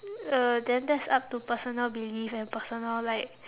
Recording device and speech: telephone, conversation in separate rooms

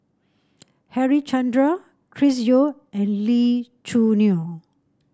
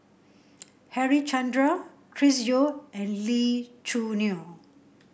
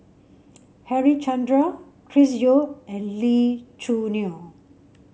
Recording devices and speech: standing microphone (AKG C214), boundary microphone (BM630), mobile phone (Samsung C7), read sentence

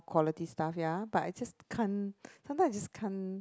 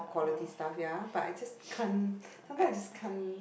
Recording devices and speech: close-talking microphone, boundary microphone, conversation in the same room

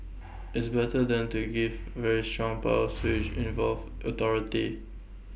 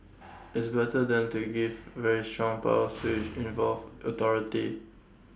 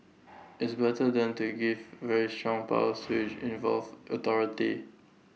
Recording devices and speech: boundary microphone (BM630), standing microphone (AKG C214), mobile phone (iPhone 6), read sentence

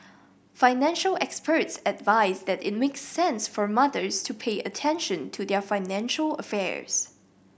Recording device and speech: boundary microphone (BM630), read sentence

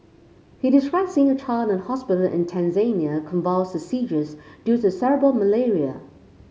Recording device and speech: mobile phone (Samsung C5), read sentence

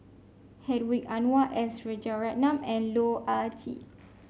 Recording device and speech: mobile phone (Samsung C5), read sentence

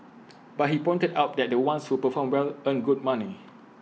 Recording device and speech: mobile phone (iPhone 6), read sentence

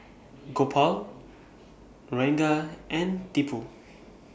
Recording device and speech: boundary microphone (BM630), read sentence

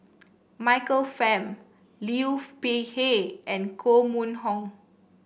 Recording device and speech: boundary microphone (BM630), read sentence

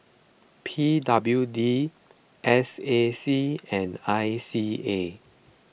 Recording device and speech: boundary microphone (BM630), read sentence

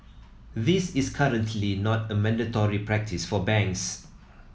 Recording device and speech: mobile phone (iPhone 7), read sentence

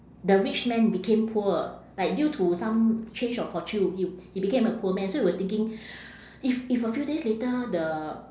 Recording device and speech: standing microphone, conversation in separate rooms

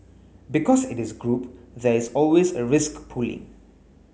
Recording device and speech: mobile phone (Samsung S8), read sentence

